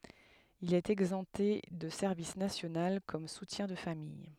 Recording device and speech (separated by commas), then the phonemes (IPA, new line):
headset microphone, read sentence
il ɛt ɛɡzɑ̃pte də sɛʁvis nasjonal kɔm sutjɛ̃ də famij